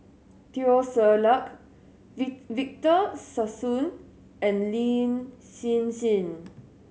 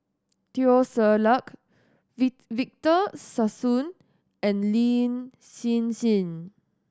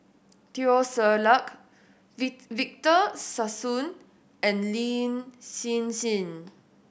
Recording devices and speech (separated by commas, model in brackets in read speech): mobile phone (Samsung S8), standing microphone (AKG C214), boundary microphone (BM630), read sentence